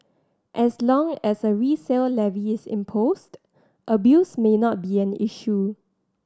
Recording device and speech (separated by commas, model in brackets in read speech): standing microphone (AKG C214), read sentence